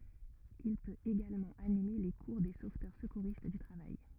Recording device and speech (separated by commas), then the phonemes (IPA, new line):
rigid in-ear microphone, read sentence
il pøt eɡalmɑ̃ anime le kuʁ de sovtœʁ səkuʁist dy tʁavaj